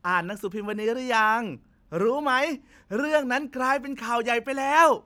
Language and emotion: Thai, happy